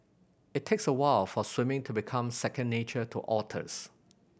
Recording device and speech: boundary microphone (BM630), read sentence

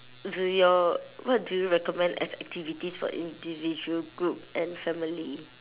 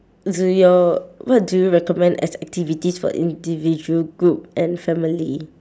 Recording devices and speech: telephone, standing microphone, conversation in separate rooms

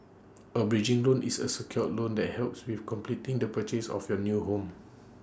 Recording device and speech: standing microphone (AKG C214), read sentence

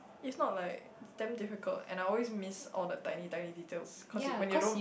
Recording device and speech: boundary microphone, conversation in the same room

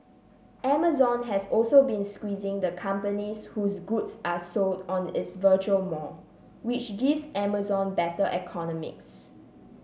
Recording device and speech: mobile phone (Samsung C7), read sentence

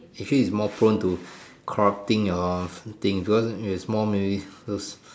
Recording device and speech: standing microphone, conversation in separate rooms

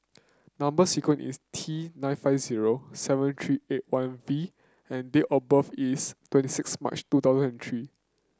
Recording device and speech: close-talking microphone (WH30), read sentence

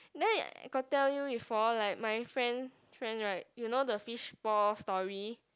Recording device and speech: close-talking microphone, conversation in the same room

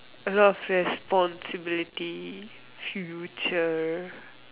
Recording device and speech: telephone, conversation in separate rooms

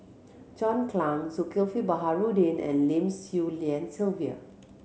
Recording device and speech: mobile phone (Samsung C7100), read sentence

